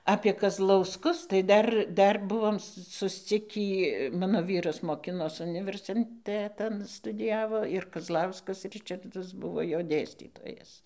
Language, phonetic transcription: Lithuanian, apie kazlausˈkus tai ˈdar ˈdar ˈbuvom susˈcikį ˈmano ˈvyras moˈkinos universinˈtetan studiˈjavo ir kazˈlauskas ˈričardas ˈbuvo ˈjo ˈdėstytojas

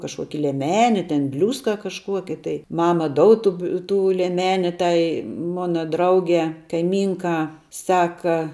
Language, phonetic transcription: Lithuanian, kažˈkuoki lieˈmeni ten ˈbliūska kažˈkuoki tai ˈmama ˈdoud ˈtu bi ˈtų lieˈmeni ˈtai ˈmuna ˈdraugē kaiˈmynkā ˈsaka

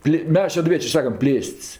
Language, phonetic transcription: Lithuanian, ˈplė ˈmes šeduˈviečė ˈsakam ˈplėst's'

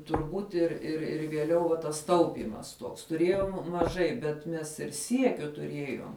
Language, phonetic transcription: Lithuanian, turˈbūt ir ir ir vieˈliau va tas ˈtaupymas tuoks tuˈrėjom maˈžai bet ˈmes ir ˈsiekiu tuˈriejom

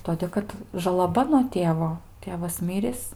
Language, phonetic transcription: Lithuanian, ˈtodė kad žalaˈba nuo ˈtėvo ˈtėvas ˈmirįs

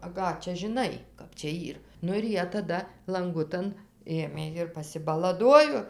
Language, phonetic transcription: Lithuanian, a ˈką čia žiˈnai ˈkap čia ˈyr ˈnu ir ˈjie taˈda lanˈgutan ˈėmė ir pasibalaˈduojo

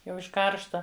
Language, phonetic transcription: Lithuanian, ˈjau iš ˈkaršta

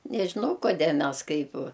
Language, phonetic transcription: Lithuanian, nežiˈnau koˈdė ˈmes ˈkaip

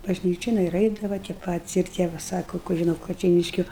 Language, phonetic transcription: Lithuanian, bažˈnyčion ir ˈaidava tie ˈpatis ir ˈtie va ˈsako kuˈrie nuo kačeiˈniškiu

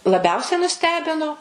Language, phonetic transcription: Lithuanian, laˈbiausiai nuˈstebino

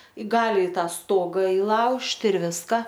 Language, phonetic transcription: Lithuanian, ˈgali i ˈtą ˈstoga iˈlaužti ir ˈviska

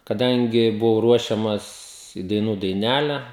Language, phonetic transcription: Lithuanian, kaˈdangi buˈvau ˈruošiamas į daiˈnų daiˈnæle

